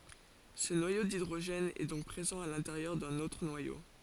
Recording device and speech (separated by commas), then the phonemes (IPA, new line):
forehead accelerometer, read sentence
sə nwajo didʁoʒɛn ɛ dɔ̃k pʁezɑ̃ a lɛ̃teʁjœʁ dœ̃n otʁ nwajo